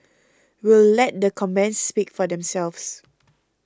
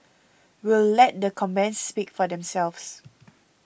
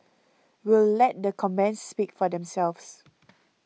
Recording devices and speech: close-talking microphone (WH20), boundary microphone (BM630), mobile phone (iPhone 6), read sentence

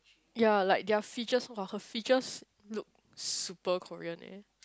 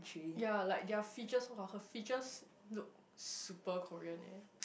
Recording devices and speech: close-talking microphone, boundary microphone, conversation in the same room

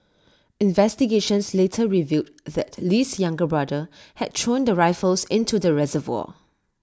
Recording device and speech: standing microphone (AKG C214), read sentence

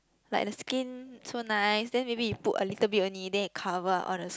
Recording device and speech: close-talking microphone, conversation in the same room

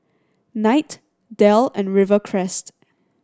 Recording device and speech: standing microphone (AKG C214), read sentence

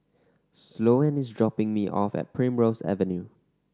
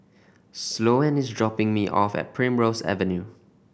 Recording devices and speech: standing microphone (AKG C214), boundary microphone (BM630), read sentence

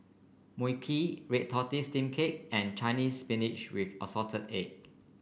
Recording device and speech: boundary microphone (BM630), read sentence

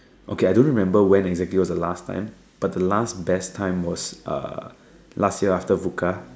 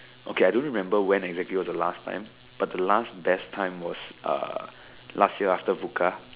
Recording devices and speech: standing microphone, telephone, conversation in separate rooms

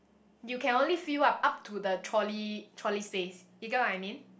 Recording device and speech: boundary microphone, conversation in the same room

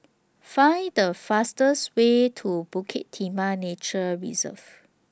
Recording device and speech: standing microphone (AKG C214), read sentence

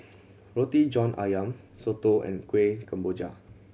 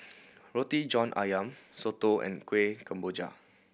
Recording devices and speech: mobile phone (Samsung C7100), boundary microphone (BM630), read sentence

